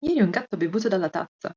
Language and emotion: Italian, surprised